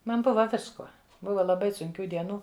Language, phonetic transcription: Lithuanian, ˈman ˈbuva ˈviskuo ˈbuva laˈbai sunˈkių dieˈnų

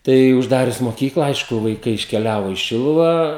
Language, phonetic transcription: Lithuanian, ˈtai užˈdarius moˈkykla ˈaišku vaiˈkai iškeˈliavo į ˈšiluvą

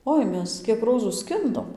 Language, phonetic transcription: Lithuanian, ˈoi ˈmes ˈkiek ˈrozų ˈskindom

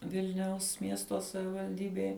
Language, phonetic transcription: Lithuanian, ˈvilniaus ˈmiesto savivalˈdybėj

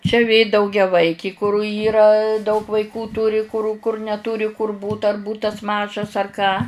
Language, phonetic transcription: Lithuanian, čia vė daugiaˈvaiki kur ˈyra daug vaiˈkų ˈtūri kur kur neˈtūri kur ˈbūt ar ˈbūtas ˈmažas ar ˈką

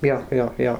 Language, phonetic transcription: Lithuanian, ˈjo ˈjo ˈjo

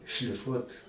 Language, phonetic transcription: Lithuanian, šliˈfuot

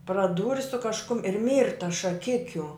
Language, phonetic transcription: Lithuanian, praˈdūri su kažˈkum ir ˈmyrtas šaˈkikiu

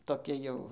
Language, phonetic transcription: Lithuanian, toˈki jau

